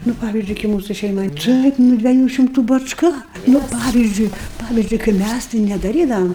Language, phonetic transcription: Lithuanian, ˈnu ˈpavizdžiui kai ˈmūsu ˈšeimai ˈtaip nu dvieˈjų šimˈtų bačˈka ˈnu ˈpavizdžiui ˈpavizdžiui kai ˈmæs tai nedaˈrydavam

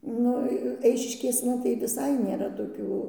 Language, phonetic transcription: Lithuanian, ˈnu ˈeišiškėsna tai viˈsai nėˈra toˈkių

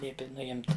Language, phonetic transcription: Lithuanian, ˈliepi nuˈimt

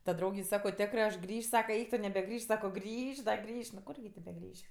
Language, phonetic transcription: Lithuanian, ta ˈdraugei ˈsako ˈtekrɜ aš ˈgrįš' ˈsaka ˈeik tu nebeˈgrįš' ˈsako ˈgrįš' da ˈgrįš' nu ˈkurgi tė beˈgrįš'

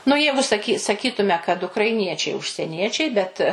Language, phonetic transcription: Lithuanian, nu ˈjeigu saˈky saˈkytume kad ukraiˈniečiai užseˈniečiai bet

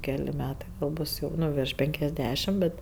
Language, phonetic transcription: Lithuanian, ˈkeli ˈmetai va ˈbus jau ˈnu virš ˈpenkiasˌdešim ˈbet

